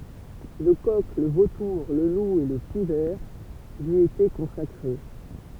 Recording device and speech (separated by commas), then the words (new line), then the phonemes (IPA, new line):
temple vibration pickup, read sentence
Le coq, le vautour, le loup et le pic-vert lui étaient consacrés.
lə kɔk lə votuʁ lə lu e lə pik vɛʁ lyi etɛ kɔ̃sakʁe